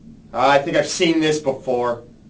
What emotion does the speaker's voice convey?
disgusted